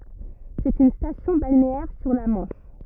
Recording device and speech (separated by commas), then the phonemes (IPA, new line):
rigid in-ear microphone, read sentence
sɛt yn stasjɔ̃ balneɛʁ syʁ la mɑ̃ʃ